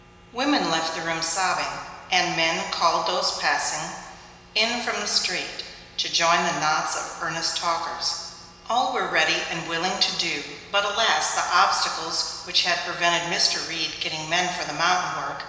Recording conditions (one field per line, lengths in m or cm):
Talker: one person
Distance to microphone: 1.7 m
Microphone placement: close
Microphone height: 1.0 m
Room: very reverberant, large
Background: none